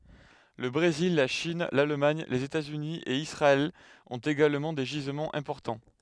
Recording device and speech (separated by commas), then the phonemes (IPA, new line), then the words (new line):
headset microphone, read sentence
lə bʁezil la ʃin lalmaɲ lez etaz yni e isʁaɛl ɔ̃t eɡalmɑ̃ de ʒizmɑ̃z ɛ̃pɔʁtɑ̃
Le Brésil, la Chine, l'Allemagne, les États-Unis et Israël ont également des gisements importants.